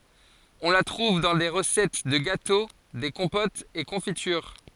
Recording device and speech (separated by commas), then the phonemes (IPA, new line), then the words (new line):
forehead accelerometer, read sentence
ɔ̃ la tʁuv dɑ̃ de ʁəsɛt də ɡato de kɔ̃potz e kɔ̃fityʁ
On la trouve dans des recettes de gâteau, des compotes et confitures.